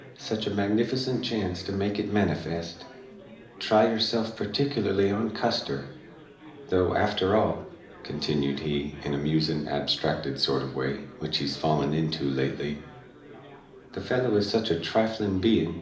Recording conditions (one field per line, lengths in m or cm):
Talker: one person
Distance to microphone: 2.0 m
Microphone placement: close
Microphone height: 99 cm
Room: medium-sized (5.7 m by 4.0 m)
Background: babble